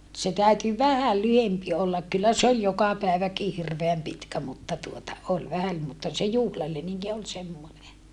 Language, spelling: Finnish, se täytyi vähän lyhempi olla kyllä se oli joka päiväkin hirveän pitkä mutta tuota oli vähän mutta se juhlaleninki oli semmoinen
- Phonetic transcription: se täyty vähäl lyhempi ollak kyllä se ‿ol joka pä̀eväki hirveäm pitkä mutta tuota , ol vähäm , mutta se juhlaleniŋki ol semmone .

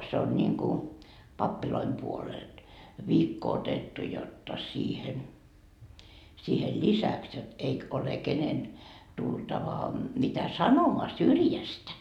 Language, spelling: Finnish, se on niin kuin pappien puolelta viikko otettu jotta siihen siihen lisäksi jotta eikä ole kenen tultava mitä sanomaan syrjästä
- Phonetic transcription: se on ńiŋku , 'pappiloim 'puolelD , 'viikko otettu jotta 'siihen , siihel "lisäks jot eik ‿ole 'kenen , 'tultava , mitä "sanomoa "syrjästä .

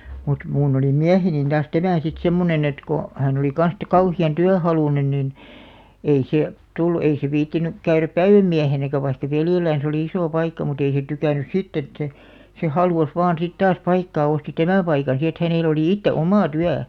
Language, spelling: Finnish, mutta minun oli mieheni taas tämä sitten semmoinen että kun hän oli kanssa sitten kauhean työhaluinen niin ei se tullut ei se viitsinyt käydä päivämiehenäkään vaikka veljellään oli iso paikka mutta ei se tykännyt sitten että se se halusi vain sitten taas paikkaa osti tämän paikan sitten että hänellä oli itse oma työ
- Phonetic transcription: mut , 'muun ‿oli 'miähenin taas "tämä̀ sit "semmonen ‿et ko , 'hä̀n ‿oli kan̬s te "kauhi₍an 'tyähalùnen nin , 'ei sè , tullu 'ei se viittinyk 'käyräp "päivämmiähenäkä vaikka 'veljellään̬s ‿oli 'isò 'paikka mut ‿ei se 'tykä̀nnys "sitt ‿et se , se "halùs vaan sit 'taas 'paikkaa osti "tämä̀ 'paikan si et 'hänèl ‿olì 'itte "omà "tyä .

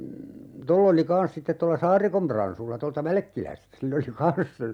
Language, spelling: Finnish, tuolla oli kanssa sitten tuolla Saarikon Pransulla tuolta Välkkilästä sillä oli kanssa
- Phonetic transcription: 'toll ‿oli "kans sittet tolla "Saarikom 'Pransulla 'tolta "Välᵃ̈kkilästä 'sill ‿oli "kans , .

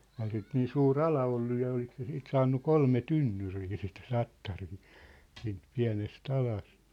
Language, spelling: Finnish, eihän sitä niin suuri ala ollut ja oliko se siitä saanut kolme tynnyriä sitten tattaria siitä pienestä alasta
- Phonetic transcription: eihä sit 'niin suu"r ‿ala ollu ja olik se siit 'saannu 'kolme 'tynnyrii sit 'tattarii , siint 'piä̭nes't ‿alast .

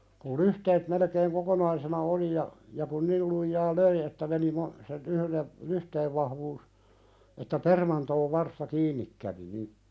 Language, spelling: Finnish, kun lyhteet melkein kokonaisena oli ja ja kun niillä lujaa löi että meni - sen yhden lyhteen vahvuus että permantoon varsta kiinni kävi niin
- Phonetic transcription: kul 'lyhteet melekeeŋ "kokonaisena oli ja , ja kun 'nil lujjaa "löi että meni ma- , sen yhlen , 'lyhteev vahvuus , että 'permantoov varsta "kiin̆nik kävi ni ,.

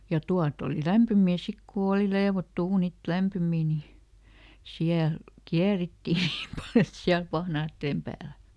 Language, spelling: Finnish, ja tuota oli lämpimiä sitten kun oli leivottu uunit lämpimiä niin siellä käärittiin niin paljon että siellä pahnojen päällä
- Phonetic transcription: ja ˈtu₍at oli "lämpymii ˈsik ku ˈooli "leevottu ˈuunit ˈlämpymii ni , "siäl , ˈkiärittì ˈniim pal ‿et ˈsiäl ˈpahnaatteem pääl .

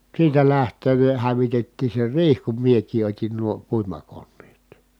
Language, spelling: Finnish, siitä lähtien ne hävitettiin se riihi kun minäkin otin nuo puimakoneet
- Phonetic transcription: siitä läht̀een ne hävitettii se riih kum miek̀ii ot́in nuo , puimakonneet .

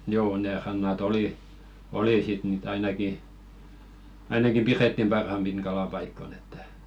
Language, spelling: Finnish, joo ne rannat oli oli sitten niitä ainakin ainakin pidettiin parhaimpina kalapaikkoina että
- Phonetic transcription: 'joo ne 'ranna"t ‿oli , 'oli sit nìt ainaki , 'ainaki "pirettim 'parhampin kalapaikkon ‿ettᴀ̈ .

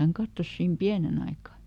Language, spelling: Finnish, hän katsoi siinä pienen aikaa
- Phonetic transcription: häŋ ˈkattos siim "piänen ‿aikà .

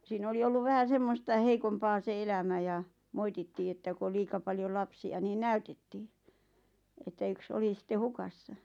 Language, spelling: Finnish, siinä oli ollut vähän semmoista heikompaa se elämä ja moitittiin että kun oli liian paljon lapsia niin näytettiin että yksi oli sitten hukassa
- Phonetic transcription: sii'n ‿oli 'olluv vähä "semmosta 'heikompaa se 'elämä ja , "moitittii että ku ol 'liika paljol "lapsi₍a nii "näytettii , että 'yks "oli 'sⁱtte "hukassa .

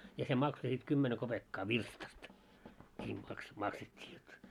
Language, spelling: Finnish, ja se maksoi sitten kymmenen kopeekkaa virstasta niin - maksettiin jotta
- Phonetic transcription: ja se 'makso sit 'kymmene kopekkaa "virstast , ńii maks- 'makset́t́ii jot .

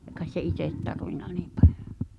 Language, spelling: Finnish, ei kai se itse tarvinnut niin paljon
- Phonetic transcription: e kaes se 'itèt tarvin̆na "niim 'pᴀʟ[jo] .

